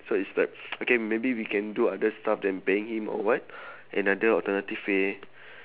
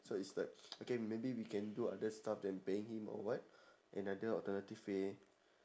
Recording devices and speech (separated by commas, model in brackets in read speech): telephone, standing microphone, conversation in separate rooms